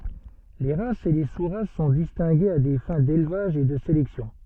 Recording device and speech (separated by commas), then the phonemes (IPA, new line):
soft in-ear microphone, read sentence
le ʁasz e le su ʁas sɔ̃ distɛ̃ɡez a de fɛ̃ delvaʒ e də selɛksjɔ̃